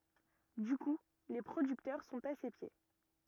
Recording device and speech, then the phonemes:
rigid in-ear microphone, read sentence
dy ku le pʁodyktœʁ sɔ̃t a se pje

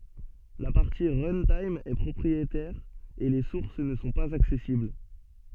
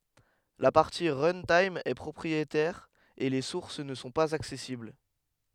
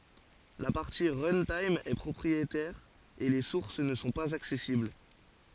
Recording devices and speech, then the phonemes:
soft in-ear microphone, headset microphone, forehead accelerometer, read sentence
la paʁti ʁœ̃tim ɛ pʁɔpʁietɛʁ e le suʁs nə sɔ̃ paz aksɛsibl

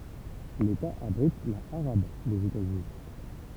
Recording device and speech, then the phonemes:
temple vibration pickup, read sentence
leta abʁit la aʁab dez etazyni

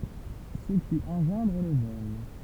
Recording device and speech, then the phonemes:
temple vibration pickup, read sentence
sə ki ɑ̃ʒɑ̃dʁ lə vɔl

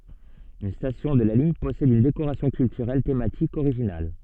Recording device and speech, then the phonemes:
soft in-ear microphone, read sentence
yn stasjɔ̃ də la liɲ pɔsɛd yn dekoʁasjɔ̃ kyltyʁɛl tematik oʁiʒinal

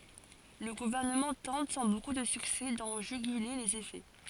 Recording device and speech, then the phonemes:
forehead accelerometer, read sentence
lə ɡuvɛʁnəmɑ̃ tɑ̃t sɑ̃ boku də syksɛ dɑ̃ ʒyɡyle lez efɛ

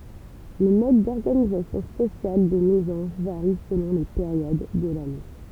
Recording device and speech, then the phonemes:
temple vibration pickup, read sentence
lə mɔd dɔʁɡanizasjɔ̃ sosjal de mezɑ̃ʒ vaʁi səlɔ̃ le peʁjod də lane

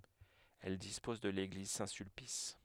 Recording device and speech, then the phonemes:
headset microphone, read sentence
ɛl dispɔz də leɡliz sɛ̃tsylpis

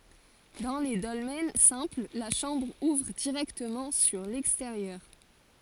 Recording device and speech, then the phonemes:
forehead accelerometer, read sentence
dɑ̃ le dɔlmɛn sɛ̃pl la ʃɑ̃bʁ uvʁ diʁɛktəmɑ̃ syʁ lɛksteʁjœʁ

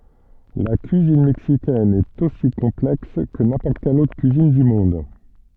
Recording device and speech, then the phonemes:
soft in-ear microphone, read sentence
la kyizin mɛksikɛn ɛt osi kɔ̃plɛks kə nɛ̃pɔʁt kɛl otʁ kyizin dy mɔ̃d

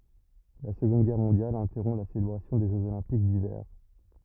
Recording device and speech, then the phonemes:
rigid in-ear microphone, read sentence
la səɡɔ̃d ɡɛʁ mɔ̃djal ɛ̃tɛʁɔ̃ la selebʁasjɔ̃ de ʒøz olɛ̃pik divɛʁ

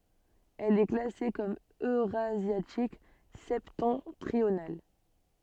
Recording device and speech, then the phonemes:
soft in-ear microphone, read sentence
ɛl ɛ klase kɔm øʁazjatik sɛptɑ̃tʁional

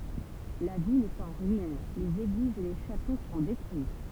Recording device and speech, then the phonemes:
temple vibration pickup, read sentence
la vil ɛt ɑ̃ ʁyin lez eɡlizz e le ʃato sɔ̃ detʁyi

